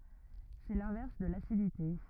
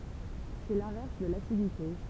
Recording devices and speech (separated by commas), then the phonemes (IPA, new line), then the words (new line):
rigid in-ear microphone, temple vibration pickup, read sentence
sɛ lɛ̃vɛʁs də lasidite
C'est l'inverse de l'acidité.